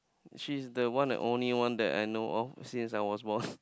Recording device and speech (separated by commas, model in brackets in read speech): close-talking microphone, conversation in the same room